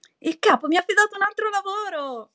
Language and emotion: Italian, happy